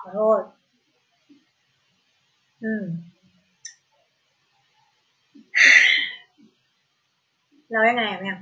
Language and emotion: Thai, frustrated